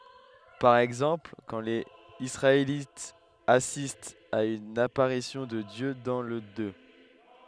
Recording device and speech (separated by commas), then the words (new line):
headset microphone, read sentence
Par exemple, quand les Israélites assistent à une apparition de Dieu dans le Deut.